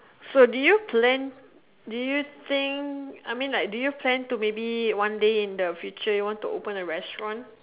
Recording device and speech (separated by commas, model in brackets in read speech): telephone, conversation in separate rooms